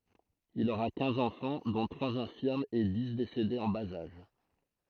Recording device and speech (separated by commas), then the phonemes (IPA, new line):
throat microphone, read sentence
il oʁa kɛ̃z ɑ̃fɑ̃ dɔ̃ tʁwaz ɛ̃fiʁmz e di desedez ɑ̃ baz aʒ